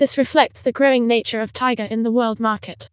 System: TTS, vocoder